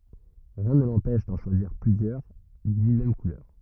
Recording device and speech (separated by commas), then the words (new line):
rigid in-ear microphone, read sentence
Rien ne l'empêche d'en choisir plusieurs d'une même couleur.